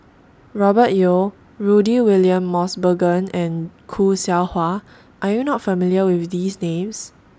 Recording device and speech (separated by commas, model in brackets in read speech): standing microphone (AKG C214), read sentence